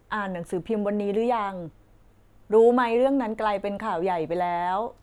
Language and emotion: Thai, neutral